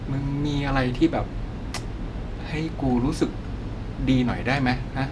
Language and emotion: Thai, frustrated